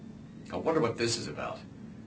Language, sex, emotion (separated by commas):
English, male, neutral